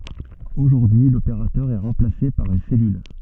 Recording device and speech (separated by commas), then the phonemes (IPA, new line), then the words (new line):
soft in-ear microphone, read sentence
oʒuʁdyi y lopeʁatœʁ ɛ ʁɑ̃plase paʁ yn sɛlyl
Aujourd'hui, l'opérateur est remplacé par une cellule.